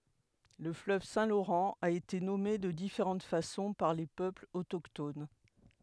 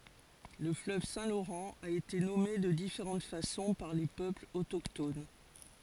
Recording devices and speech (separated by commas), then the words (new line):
headset microphone, forehead accelerometer, read sentence
Le fleuve Saint-Laurent a été nommé de différentes façons par les peuples autochtones.